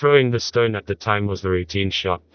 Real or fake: fake